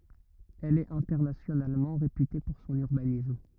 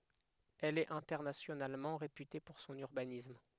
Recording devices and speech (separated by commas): rigid in-ear microphone, headset microphone, read sentence